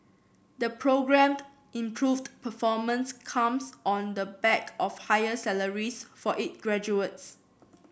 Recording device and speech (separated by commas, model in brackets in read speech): boundary microphone (BM630), read sentence